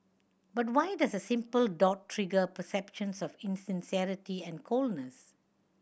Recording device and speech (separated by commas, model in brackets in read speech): boundary microphone (BM630), read sentence